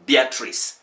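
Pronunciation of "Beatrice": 'Beatrice' is pronounced correctly here.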